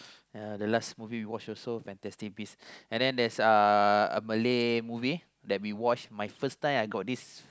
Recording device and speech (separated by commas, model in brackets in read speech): close-talking microphone, conversation in the same room